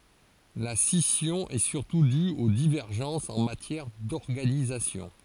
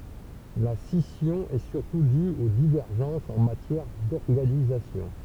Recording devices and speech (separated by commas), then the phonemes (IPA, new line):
forehead accelerometer, temple vibration pickup, read sentence
la sisjɔ̃ ɛ syʁtu dy o divɛʁʒɑ̃sz ɑ̃ matjɛʁ dɔʁɡanizasjɔ̃